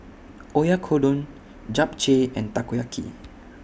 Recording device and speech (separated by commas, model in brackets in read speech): boundary microphone (BM630), read sentence